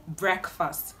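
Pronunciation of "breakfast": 'Breakfast' is pronounced correctly here: the first part sounds like 'brek', followed by 'fast'.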